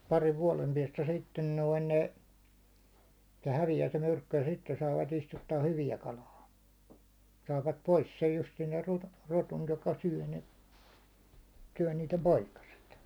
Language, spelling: Finnish, parin vuoden päästä sitten noin ne se häviää se myrkky ja sitten saavat istuttaa hyvää kalaa saavat pois sen justiin sen - ruton joka syö ne syö niiden poikaset
- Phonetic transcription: pariv vuålem piɛstä sitten "noin 'ne , se 'hävijää se 'myrkky ja sitten saavat istuttaa "hyviä 'kalaa , 'saavat "pois sej justiin ser 'ruto- , 'ruton joka 'syäₒ ne , 'syäₒ niitem "poikaset .

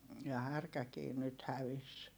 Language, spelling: Finnish, ja härkäkin nyt hävisi
- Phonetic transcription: ja härkäkii nyt hävis .

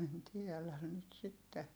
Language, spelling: Finnish, en tiedä nyt sitten
- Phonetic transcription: en tielän̆ nyt sitte .

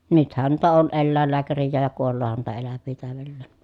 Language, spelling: Finnish, nythän noita on eläinlääkärejäkin ja kuoleehan noita eläviä täydelleen
- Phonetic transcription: nythän nuita on ellä̀ellääkärijjääj ja kuolloohan nuita elävvii tä̀övellèn .

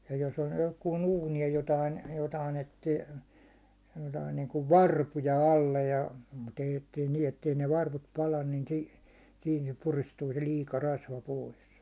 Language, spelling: Finnish, ja jos on johonkin uuni ja jotakin jotakin etsi jotakin niin kuin varpuja alle ja mutta ei että ei niin että ei ne varvut pala niin - siinä se puristuu se liika rasva pois
- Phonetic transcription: ja jos ‿on johkuun 'uuni ja jotain , jotain etti , jotain niiŋkuv "varpuja 'alle ja , mut ‿eij ‿ettei nii ettei ne 'varvut 'palan ni sii- , siin se 'puristuu se 'liika 'rasva 'pois .

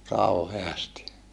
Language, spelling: Finnish, kauheasti
- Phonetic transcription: kauheasti .

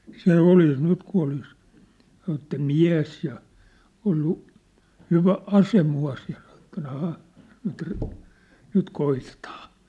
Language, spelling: Finnish, se olisi nyt kun olisi sanoi että mies ja ollut hyvä ase mukana ja - - ahaa nyt - nyt koitetaan
- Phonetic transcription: 'se 'olis 'nyt ku olis , san̆ ‿että "miä̭s ja , ollu , 'hyvä 'ase mu₍as ja (san ‿etten‿) » aha , nyt ri- , 'nyt 'koitetaan . «

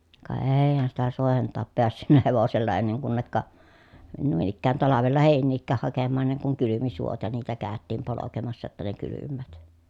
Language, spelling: Finnish, ka eihän sitä soiden taa päässyt hevosella ennen kunne noin ikään talvella heiniäkään hakemaan ennen kuin kylmi suot ja niitä käytiin polkemassa jotta ne kylmäävät
- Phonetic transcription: ka eei̮hän sitä sòehen taap peässynnä hevosella enneŋ kunnekka , nuin ‿ikkään talavella hèin̆niikkääh hakemmaan enneŋ kuŋ kylymi suot ja niitä käättiim polokemassa [j]otta ne kylymmäät .

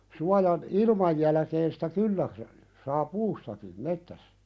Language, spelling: Finnish, suojan ilman jälkeen sitä kyllä saa puustakin metsässä
- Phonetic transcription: 'suajan , "ilmaj jälᵃ̈keen sitä "kyllä , saa "puustaki , 'mettäs(sä) .

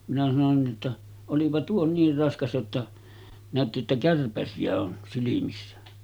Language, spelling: Finnish, minä sanoin niin jotta olipa tuo niin raskas jotta näytti jotta kärpäsiä on silmissä
- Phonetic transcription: minä sanon ni ’otta , » 'olipa tuo 'niir 'raskas jotta , nä̀ötti jotta 'kärpäsi₍ä on silimissä « .

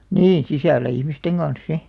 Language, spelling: Finnish, niin sisällä ihmisten kanssa sitten
- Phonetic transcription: niḭ 'sisällä 'ihmisteŋ ɢan̬s "si .

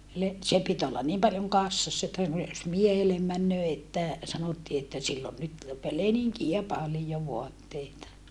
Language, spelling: Finnish, se piti olla niin paljon kassassa että noin jos miehelle menee että sanottiin että sillä on nyt - leninkejä paljon vaatteita
- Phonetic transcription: se pit ollan niim paljoŋ kassassa että noi jos miehelem männöö että , sanottii että » sill ‿on nyt , pe - leniŋkiä palijo voatteita » .

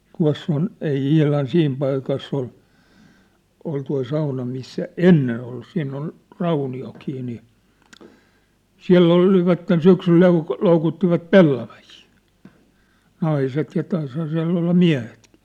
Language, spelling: Finnish, tuossa on ei ihan siinä paikassa oli oli tuo sauna missä ennen ollut siinä on rauniotkin niin siellä olivat syksyllä - loukuttivat pellavia naiset ja taisihan siellä olla miehetkin
- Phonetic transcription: 'tua̭ss ‿on , ei 'ihlan 'siim paikass ‿ol , ol toi 'sauna missä "ennen ‿ollu 'siin ‿on , 'rauni₍oki nii , "siä̭ll ‿olivatten 'syksyl lou- , 'loukuttivat "pellavahii , 'naiset ja 'taishaa siä̭ll ‿olla 'miä̭hetkɪ .

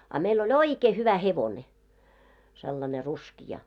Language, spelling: Finnish, a meillä oli oikein hyvä hevonen sellainen ruskea
- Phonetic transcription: a meil ‿o"ĺ ‿oikee hyvä 'hevone , sellane 'ruskija .

